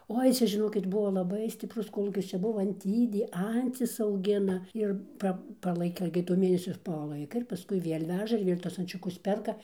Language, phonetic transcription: Lithuanian, ˈoi ˈcia žiˈnokit ˈbuo laˈbai stipˈrus ˈkolūkis ˈčia ˈbuo anˈtydė ˈancis auˈgina ˈir ˈpa paˈlaika igi to ˈmėnesio paˈlaika ir paˈskui ˈviel' ˈveža ir ˈviel' tuos ančiuˈkus ˈperka

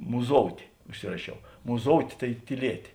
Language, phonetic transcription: Lithuanian, muˈzoutė užˈsirašiau muˈzoutė tai tyˈlietė

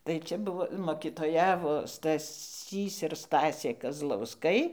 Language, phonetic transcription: Lithuanian, tai ˈčia ˈbuvo mokytoˈjavo staˈsys ir ˈstasė kazlausˈkai

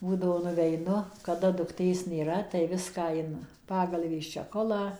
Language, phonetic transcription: Lithuanian, ˈbūdavo nuveiˈnu kaˈda dukˈtės nėˈra tai ˈviską in ˈpagalvės čeˈcholą

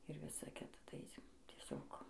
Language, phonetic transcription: Lithuanian, ir ˈvisa ˈkita ˈtai aisim tieˈsiog

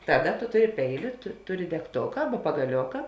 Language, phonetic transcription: Lithuanian, ˈtaˌda tu ˈtuˌri ˈpeiˌliu tu ˈtuˌri degˈtoka ˈaba pagaˈlioka

